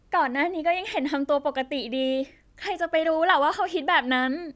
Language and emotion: Thai, happy